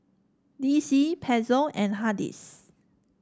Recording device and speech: standing microphone (AKG C214), read sentence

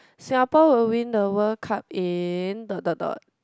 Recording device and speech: close-talking microphone, conversation in the same room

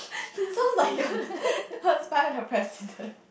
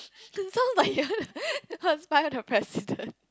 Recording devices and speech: boundary microphone, close-talking microphone, conversation in the same room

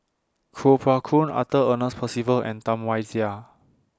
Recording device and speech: standing microphone (AKG C214), read sentence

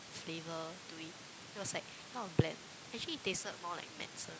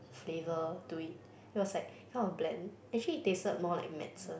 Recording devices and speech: close-talking microphone, boundary microphone, conversation in the same room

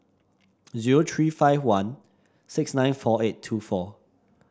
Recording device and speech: standing microphone (AKG C214), read sentence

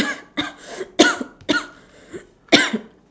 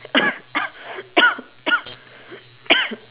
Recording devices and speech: standing microphone, telephone, conversation in separate rooms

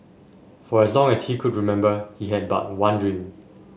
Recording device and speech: mobile phone (Samsung S8), read sentence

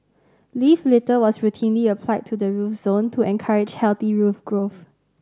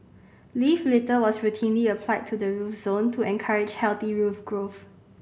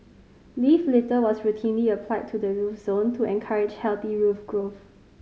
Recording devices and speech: standing microphone (AKG C214), boundary microphone (BM630), mobile phone (Samsung C5010), read sentence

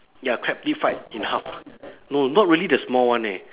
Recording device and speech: telephone, conversation in separate rooms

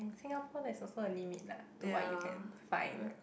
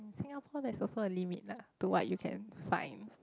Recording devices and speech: boundary microphone, close-talking microphone, conversation in the same room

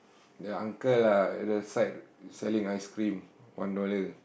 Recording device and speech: boundary microphone, conversation in the same room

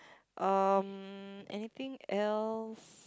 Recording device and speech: close-talking microphone, conversation in the same room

